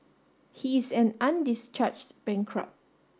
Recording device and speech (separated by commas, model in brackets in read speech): standing microphone (AKG C214), read sentence